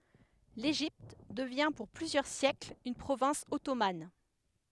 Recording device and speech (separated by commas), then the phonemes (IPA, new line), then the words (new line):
headset microphone, read sentence
leʒipt dəvjɛ̃ puʁ plyzjœʁ sjɛkl yn pʁovɛ̃s ɔtoman
L'Égypte devient pour plusieurs siècle une province ottomane.